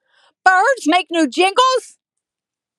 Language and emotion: English, disgusted